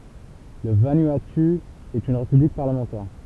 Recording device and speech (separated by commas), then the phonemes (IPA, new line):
temple vibration pickup, read sentence
lə vanuatu ɛt yn ʁepyblik paʁləmɑ̃tɛʁ